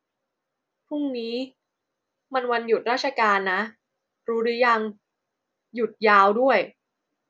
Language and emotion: Thai, frustrated